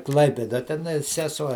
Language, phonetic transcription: Lithuanian, ˈklaipėda teˈnai seˈsuo

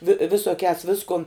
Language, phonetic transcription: Lithuanian, vi visoˈkiās ˈviskun

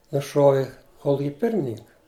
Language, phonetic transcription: Lithuanian, nuˈšuovi ˈkoluki ˈpirmininka

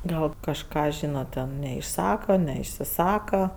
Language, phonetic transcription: Lithuanian, ˈgal kažˈką ˈžynat ten neišˈsaka neišsiˈsaka

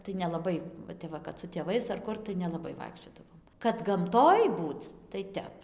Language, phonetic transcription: Lithuanian, tai nelaˈbai va ˈtep va kad su tėˈvais ar ˈkur tai nelaˈbai ˈvaikščiodavom kad gamˈtoj ˈbūc tai ˈtep

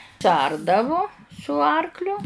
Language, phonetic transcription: Lithuanian, suˈardavu su ˈarkliu

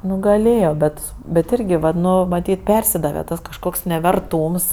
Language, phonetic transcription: Lithuanian, ˈnu gaˈlėjo ˈbet bet ˈirgi vat ˈnu maˈtyt ˈpersidave ˈtas kažˈkoks neverˈtūms

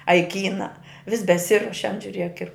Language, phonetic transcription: Lithuanian, a i ˈkyna vis beˈsiruošiant žiuˈriek ir

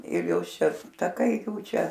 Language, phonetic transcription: Lithuanian, ir ˈjos ˈšia taˈkai ˈjų ˈčia

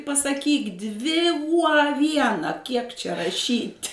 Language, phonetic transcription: Lithuanian, pasaˈkyk ˈdvi uo a ˈviena kiek čia raˈšyt'

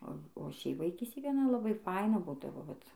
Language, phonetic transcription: Lithuanian, o o ˈšiaip vaiˈkystėj gaˈna laˈbai ˈfaina ˈbūdavo vat

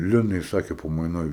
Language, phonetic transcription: Lithuanian, ˈlinai ˈsakė pamaiˈnoj

